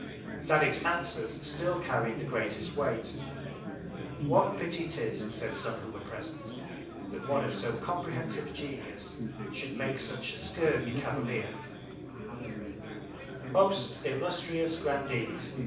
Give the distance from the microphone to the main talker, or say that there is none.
5.8 m.